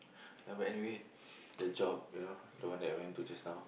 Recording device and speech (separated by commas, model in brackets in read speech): boundary microphone, conversation in the same room